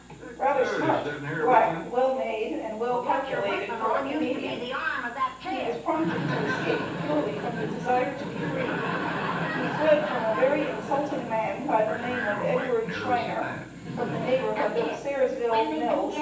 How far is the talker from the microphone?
9.8 m.